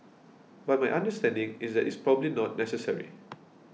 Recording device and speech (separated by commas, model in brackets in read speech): mobile phone (iPhone 6), read sentence